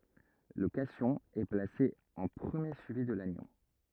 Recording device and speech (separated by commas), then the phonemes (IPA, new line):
rigid in-ear microphone, read sentence
lə kasjɔ̃ ɛ plase ɑ̃ pʁəmje syivi də lanjɔ̃